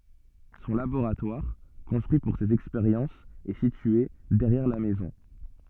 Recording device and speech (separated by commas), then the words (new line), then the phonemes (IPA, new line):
soft in-ear microphone, read sentence
Son laboratoire, construit pour ses expériences est situé derrière la maison.
sɔ̃ laboʁatwaʁ kɔ̃stʁyi puʁ sez ɛkspeʁjɑ̃sz ɛ sitye dɛʁjɛʁ la mɛzɔ̃